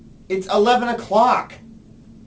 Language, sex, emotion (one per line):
English
male
angry